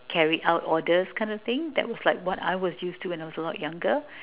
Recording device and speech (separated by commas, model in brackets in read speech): telephone, conversation in separate rooms